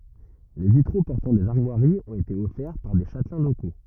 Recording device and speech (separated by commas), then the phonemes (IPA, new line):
rigid in-ear microphone, read sentence
le vitʁo pɔʁtɑ̃ dez aʁmwaʁiz ɔ̃t ete ɔfɛʁ paʁ de ʃatlɛ̃ loko